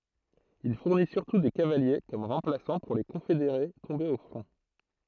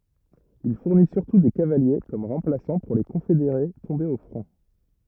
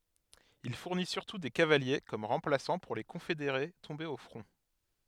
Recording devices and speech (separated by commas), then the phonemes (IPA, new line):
throat microphone, rigid in-ear microphone, headset microphone, read sentence
il fuʁni syʁtu de kavalje kɔm ʁɑ̃plasɑ̃ puʁ le kɔ̃fedeʁe tɔ̃bez o fʁɔ̃